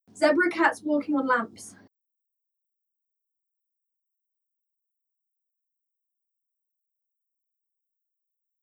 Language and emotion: English, fearful